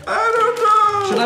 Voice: high-pitched